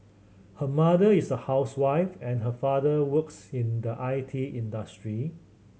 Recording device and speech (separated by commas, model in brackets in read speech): mobile phone (Samsung C7100), read sentence